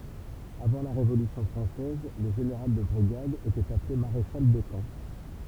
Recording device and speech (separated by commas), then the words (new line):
temple vibration pickup, read sentence
Avant la Révolution française, le général de brigade était appelé maréchal de camp.